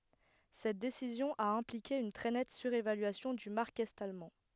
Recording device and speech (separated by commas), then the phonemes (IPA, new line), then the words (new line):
headset microphone, read sentence
sɛt desizjɔ̃ a ɛ̃plike yn tʁɛ nɛt syʁevalyasjɔ̃ dy maʁk ɛt almɑ̃
Cette décision a impliqué une très nette surévaluation du mark est-allemand.